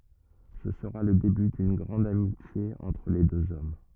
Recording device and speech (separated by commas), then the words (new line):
rigid in-ear microphone, read sentence
Ce sera le début d'une grande amitié entre les deux hommes.